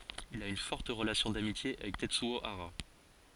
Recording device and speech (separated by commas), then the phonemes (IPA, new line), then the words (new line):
forehead accelerometer, read sentence
il a yn fɔʁt ʁəlasjɔ̃ damitje avɛk tɛtsyo aʁa
Il a une forte relation d'amitié avec Tetsuo Hara.